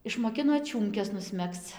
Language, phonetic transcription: Lithuanian, išmoˈkino ˈčiūmkes nusˈmegzc

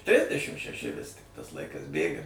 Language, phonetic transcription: Lithuanian, ˈtrisdešim šeˈši vis tik tas ˈlaikas ˈbėga

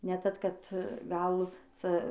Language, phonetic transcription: Lithuanian, ne ˈtad ˈkad gal ˈca

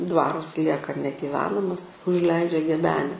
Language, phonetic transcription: Lithuanian, ˈdvarus ˈlieka negiˈvenamas užˈleidžia geˈbene

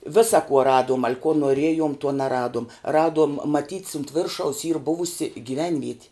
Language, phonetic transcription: Lithuanian, ˈvisa kuo ˈraduom al' kuo noˈriejom tuo neˈraduom ˈraduom maˈtyt's unt ˈviršaus yr ˈbuvusi gyˈvenvieti

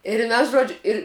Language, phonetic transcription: Lithuanian, ir ˈmes ˈžodžiu ir

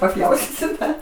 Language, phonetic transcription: Lithuanian, paˈpjaustysiu ˈdar

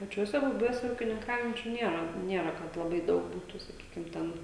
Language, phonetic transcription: Lithuanian, paˈčiuose buˈbiuose ūkininˈkaujančiu ˈniera ˈniera kad laˈbai ˈdaug ˈbūtu saˈkykim ˈten

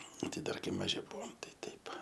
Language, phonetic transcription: Lithuanian, ˈti ˈdar ˈkai maˈži ˈbuvom ˈtai ˈteip

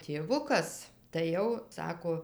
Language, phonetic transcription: Lithuanian, tėˈvukas tai ˈjau ˈsako

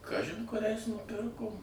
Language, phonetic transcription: Lithuanian, ˈkažin kuˈriais nuˈpirkom

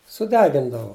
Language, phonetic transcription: Lithuanian, suˈdegindavu

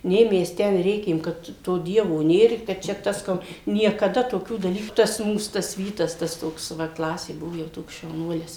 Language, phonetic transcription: Lithuanian, ˈnė ˈmes ˈten ˈrėkėm kad ˈto ˈdievo ˈnėr i kad ˈčia ˈtas ˈko niekaˈda toˈkių daˈlyku tas ˈmūs ˈtas ˈvytas tas ˈtoks va ˈklasė ˈbuvo jau ˈtoks šauˈnuolis

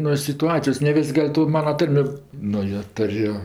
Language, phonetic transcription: Lithuanian, nuo situˈacijos ne ˈvis' ˈgal' to ˈmana ˈtarmi nu jo ˈturiu

